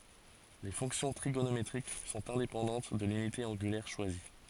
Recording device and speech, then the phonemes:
forehead accelerometer, read sentence
le fɔ̃ksjɔ̃ tʁiɡonometʁik sɔ̃t ɛ̃depɑ̃dɑ̃t də lynite ɑ̃ɡylɛʁ ʃwazi

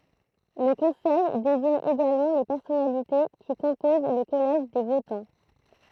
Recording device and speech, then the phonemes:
throat microphone, read sentence
lə kɔ̃sɛj deziɲ eɡalmɑ̃ le pɛʁsɔnalite ki kɔ̃poz lə kɔlɛʒ de votɑ̃

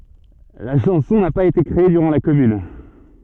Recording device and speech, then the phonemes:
soft in-ear microphone, read sentence
la ʃɑ̃sɔ̃ na paz ete kʁee dyʁɑ̃ la kɔmyn

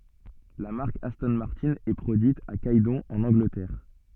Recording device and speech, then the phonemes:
soft in-ear microphone, read sentence
la maʁk astɔ̃ maʁtɛ̃ ɛ pʁodyit a ɡɛdɔ̃ ɑ̃n ɑ̃ɡlətɛʁ

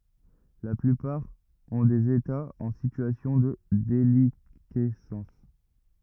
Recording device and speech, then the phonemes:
rigid in-ear microphone, read sentence
la plypaʁ ɔ̃ dez etaz ɑ̃ sityasjɔ̃ də delikɛsɑ̃s

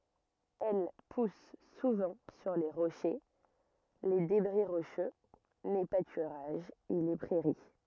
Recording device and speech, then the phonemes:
rigid in-ear microphone, read sentence
ɛl pus suvɑ̃ syʁ le ʁoʃe le debʁi ʁoʃø le patyʁaʒz e le pʁɛʁi

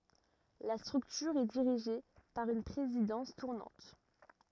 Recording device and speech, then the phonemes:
rigid in-ear microphone, read sentence
la stʁyktyʁ ɛ diʁiʒe paʁ yn pʁezidɑ̃s tuʁnɑ̃t

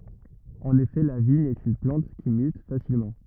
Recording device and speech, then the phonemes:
rigid in-ear microphone, read sentence
ɑ̃n efɛ la viɲ ɛt yn plɑ̃t ki myt fasilmɑ̃

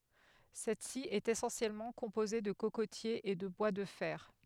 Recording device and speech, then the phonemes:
headset microphone, read sentence
sɛtsi ɛt esɑ̃sjɛlmɑ̃ kɔ̃poze də kokotjez e də bwa də fɛʁ

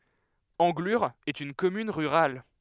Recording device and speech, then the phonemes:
headset microphone, read sentence
ɑ̃ɡlyʁ ɛt yn kɔmyn ʁyʁal

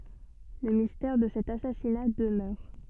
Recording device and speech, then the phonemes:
soft in-ear microphone, read sentence
lə mistɛʁ də sɛt asasina dəmœʁ

